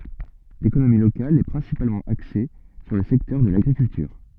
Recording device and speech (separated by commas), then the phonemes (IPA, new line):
soft in-ear microphone, read sentence
lekonomi lokal ɛ pʁɛ̃sipalmɑ̃ akse syʁ lə sɛktœʁ də laɡʁikyltyʁ